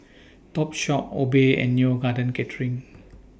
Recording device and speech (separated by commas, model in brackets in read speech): boundary microphone (BM630), read sentence